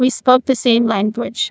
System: TTS, neural waveform model